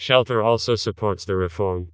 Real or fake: fake